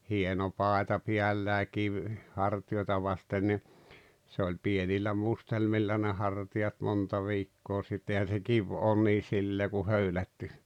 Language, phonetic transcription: Finnish, 'hieno 'pàeta 'piällää 'kiv , 'harti₍oita vasten ni , se oĺ 'pienillä "mustelmilla ne 'harti₍at 'monta "viikkoo sit 'ehän̬ se "kiv oon nii 'sillee ku "höylätty .
- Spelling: hieno paita päällään kivi hartioita vasten niin se oli pienillä mustelmilla ne hartiat monta viikkoa sitä eihän se kivi ole niin sillä lailla kuin höylätty

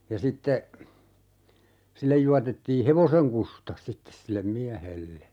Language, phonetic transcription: Finnish, ja 'sitte , 'sillej juatettii "hevoseŋ kusta , 'sittes sillem "miähelle .
- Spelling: ja sitten sille juotettiin hevosen kusta sitten sille miehelle

